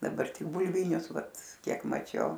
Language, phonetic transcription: Lithuanian, daˈbar tik bulˈvynius ˈvat ˈkiek maˈčiau

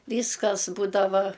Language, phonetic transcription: Lithuanian, ˈvyskas ˈbūdava

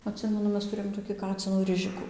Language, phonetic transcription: Lithuanian, atˈsimenu ˈmes tuˈrėjom toki ˈkacinų ˈrižiku

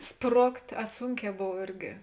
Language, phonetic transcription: Lithuanian, ˈsprokt' a ˈsūnˌkē ˈbov ˈirgi

